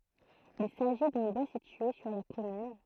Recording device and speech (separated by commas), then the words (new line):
throat microphone, read sentence
Il s'agit d'un bois situé sur la commune.